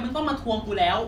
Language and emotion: Thai, angry